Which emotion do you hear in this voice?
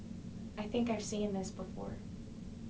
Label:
neutral